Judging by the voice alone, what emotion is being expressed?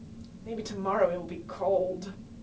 sad